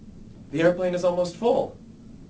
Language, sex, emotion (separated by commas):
English, male, neutral